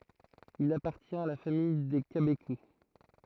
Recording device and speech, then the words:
throat microphone, read sentence
Il appartient à la famille des cabécous.

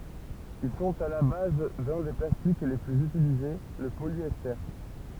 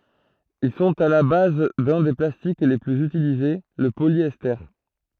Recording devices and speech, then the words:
temple vibration pickup, throat microphone, read sentence
Ils sont à la base d'un des plastiques les plus utilisés, le polyester.

